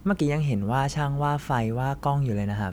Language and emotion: Thai, neutral